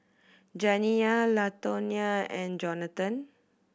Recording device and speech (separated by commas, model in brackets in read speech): boundary microphone (BM630), read sentence